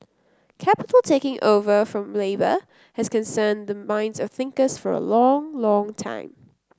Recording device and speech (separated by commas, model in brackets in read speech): close-talking microphone (WH30), read sentence